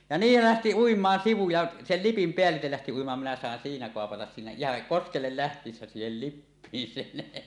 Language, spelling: Finnish, ja niin lähti uimaan sivu ja sen lipin päälle lähti uimaan minä sain siinä kopata siinä ihan koskelle lähtiessä siihen lippiin sen
- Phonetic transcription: ja "niil 'lähti "uim̀aan 'sivu ja , sel lipim 'peällitel lähti uimaan minä sàen siinä 'koapatas siinä "ihaŋ "koskellel 'läht̀iissä siihel "lippiin 'sen .

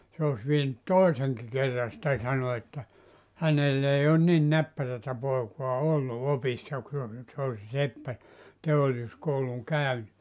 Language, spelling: Finnish, se olisi vienyt toisenkin kerran sitä sanoi että hänellä ei ole niin näppärää poikaa ollut opissa kun se se oli se seppä teollisuuskoulun käynyt
- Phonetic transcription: se os vienyt "toiseŋki kerra sⁱtä 'sano että , 'hänell ‿ei on 'nin "näppärätä 'poekua 'ollu 'opissa ku se , se oĺ se 'seppä , 'teollis(us)kouluŋ 'kä̀yny .

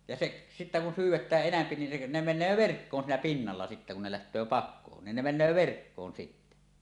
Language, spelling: Finnish, ja se sitten kun syvennetään enempi niin se ne menee verkkoon siinä pinnalla sitten kun ne lähtee pakoon niin ne menee verkkoon sitten
- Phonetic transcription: ja 'seˀ sittä kun 'syyw̆wetääˀ 'ˀenämpi nin se , 'ne "men̆nöö "verkkoon siinä pinnalla sittä kun ne läht̀öö "pakkoon nin ne men̆nöö 'verkkoon sittä .

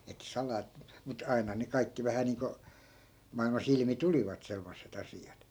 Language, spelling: Finnish, että salaa mutta aina ne kaikki vähän niin kuin maailmassa ilmi tulivat semmoiset asiat
- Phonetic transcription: ettᵃ̈ 'salaa , mut 'ai̮na ne 'kaikki 'vähä niiŋko , 'mailma"s ‿ilmi 'tulivat 'semmosse't ‿asi₍at .

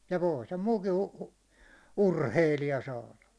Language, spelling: Finnish, ja voi sen muukin - urheilija saada
- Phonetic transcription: ja voi sem 'muukin̬ u- , "urheilija saala .

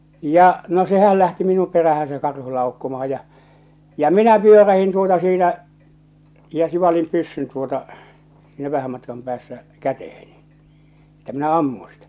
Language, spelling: Finnish, ja no sehän lähti minun perään se karhu laukkaamaan ja ja minä pyörähdin tuota siitä ja sivalsin pyssyn tuota sinä vähän matkan päässä käteeni että minä ammun sitä
- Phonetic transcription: 'ja , 'no 'sehäl lähti minum "perähän se 'karhu 'laukkomaha ja , ja "minä 'pyörähin 'tuota 'siitä , ja sivalim 'pyssyn tuota , sìnä 'vähäm matkam päässä , 'käteheniɴ , että minä "ammuṵ sɪtᴀ̈ .

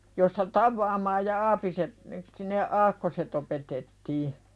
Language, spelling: Finnish, josta tavaamaan ja aapiset ne sitten ne aakkoset opetettiin
- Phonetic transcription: josta "tavvaamaaj ja 'aapiset , ne sin ne "aakkoset ‿opetettii .

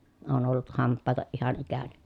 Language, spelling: Finnish, olen ollut hampaaton ihan ikäni
- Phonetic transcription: oon ollut hamppaatoʼ ʼihan ikäni .

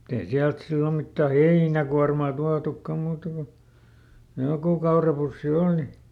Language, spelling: Finnish, mutta ei sieltä silloin mitään heinäkuormaa tuotukaan muuta kuin joku kaurapussi oli
- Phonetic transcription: mut ‿ei ˈsiält ˈsillo mittä "heinäkuarmà ˈtuatukkam̆ muuta ko , ˈjokù kaurapussi ˈòli .

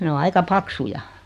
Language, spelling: Finnish, ne on aika paksuja
- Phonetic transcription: 'ne o 'aika 'paksuja .

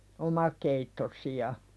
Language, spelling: Finnish, omakeittoisia
- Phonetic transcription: omakeittosi₍a .

